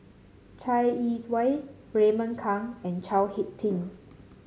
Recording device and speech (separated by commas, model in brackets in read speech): mobile phone (Samsung C7), read sentence